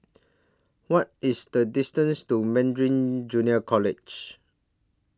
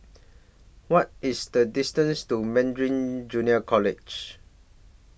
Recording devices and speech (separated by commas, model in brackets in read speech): standing microphone (AKG C214), boundary microphone (BM630), read sentence